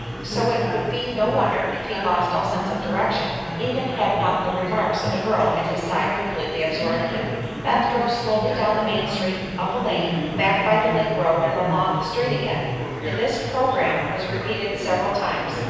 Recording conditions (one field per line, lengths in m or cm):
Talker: one person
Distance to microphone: 7.1 m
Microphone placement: far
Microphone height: 1.7 m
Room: very reverberant, large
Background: babble